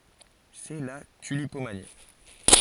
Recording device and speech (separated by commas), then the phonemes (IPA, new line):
forehead accelerometer, read sentence
sɛ la tylipomani